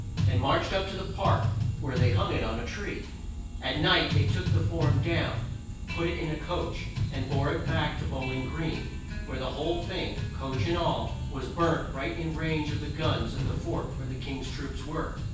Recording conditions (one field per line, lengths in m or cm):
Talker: one person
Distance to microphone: 9.8 m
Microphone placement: far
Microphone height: 1.8 m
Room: large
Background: music